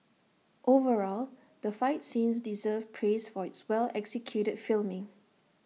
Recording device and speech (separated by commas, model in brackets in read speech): mobile phone (iPhone 6), read sentence